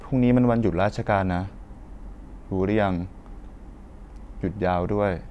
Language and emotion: Thai, neutral